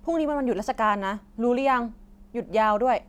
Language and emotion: Thai, frustrated